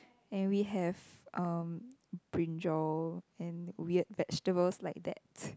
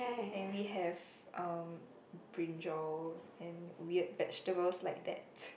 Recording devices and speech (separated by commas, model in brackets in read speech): close-talking microphone, boundary microphone, conversation in the same room